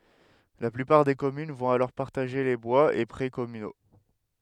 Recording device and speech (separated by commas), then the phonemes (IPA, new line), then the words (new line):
headset microphone, read sentence
la plypaʁ de kɔmyn vɔ̃t alɔʁ paʁtaʒe le bwaz e pʁɛ kɔmyno
La plupart des communes vont alors partager les bois et près communaux.